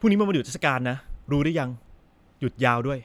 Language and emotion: Thai, frustrated